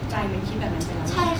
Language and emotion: Thai, neutral